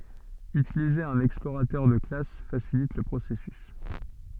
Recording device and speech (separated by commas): soft in-ear microphone, read sentence